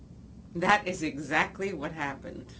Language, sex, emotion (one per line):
English
female
neutral